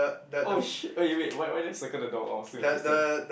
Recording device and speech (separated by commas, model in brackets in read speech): boundary microphone, conversation in the same room